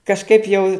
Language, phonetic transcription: Lithuanian, kažˈkaip jau

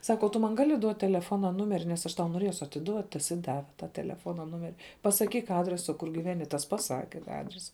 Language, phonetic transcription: Lithuanian, ˈsaka o tu ˈman ˈgali duot teleˈfona ˈnumeri nes ˈaš ˈtau noˈriesu atiˈduot ˈ tas i ˈdave ta teleˈfona ˈnumeri pasaˈkyk ˈadresa ˈkur giˈveni ˈtas paˈsake tą ˈadresa

